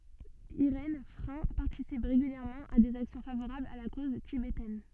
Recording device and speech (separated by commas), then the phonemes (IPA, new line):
soft in-ear microphone, read sentence
iʁɛn fʁɛ̃ paʁtisip ʁeɡyljɛʁmɑ̃ a dez aksjɔ̃ favoʁablz a la koz tibetɛn